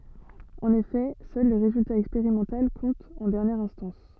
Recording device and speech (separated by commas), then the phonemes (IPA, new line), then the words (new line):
soft in-ear microphone, read sentence
ɑ̃n efɛ sœl lə ʁezylta ɛkspeʁimɑ̃tal kɔ̃t ɑ̃ dɛʁnjɛʁ ɛ̃stɑ̃s
En effet, seul le résultat expérimental compte en dernière instance.